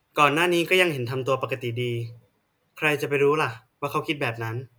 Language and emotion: Thai, neutral